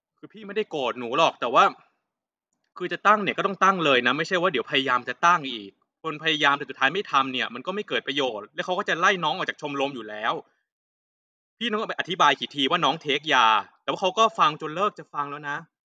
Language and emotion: Thai, frustrated